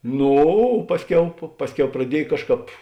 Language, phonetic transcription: Lithuanian, ˈnū o ˈpasˌkiau pa ˈpasˌkiau praˈdiej ˈkažˌkāp

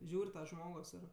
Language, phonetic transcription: Lithuanian, ˈžiūr' ˈžmogos ir

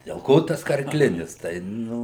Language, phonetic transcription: Lithuanian, del ˈko tas karˈklinis ˈtai ˈnu

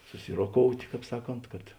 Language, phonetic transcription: Lithuanian, suˈsiroˌkout' ˈkāp ˈsaˌkont kad

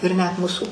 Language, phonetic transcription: Lithuanian, ir net ˈmūsu

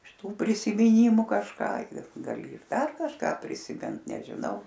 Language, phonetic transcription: Lithuanian, iš ˈtų prisimiˈnymu kažˈką ir gaˈli ir ˈdar kažˈką prisiˈmint nežiˈnau

